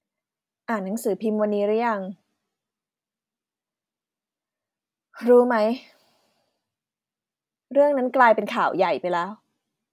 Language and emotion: Thai, frustrated